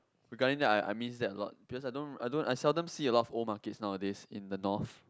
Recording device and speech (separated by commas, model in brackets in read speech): close-talking microphone, conversation in the same room